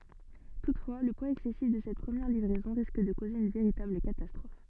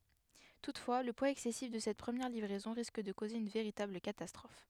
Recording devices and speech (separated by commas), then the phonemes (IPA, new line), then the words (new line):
soft in-ear microphone, headset microphone, read sentence
tutfwa lə pwaz ɛksɛsif də sɛt pʁəmjɛʁ livʁɛzɔ̃ ʁisk də koze yn veʁitabl katastʁɔf
Toutefois, le poids excessif de cette première livraison risque de causer une véritable catastrophe.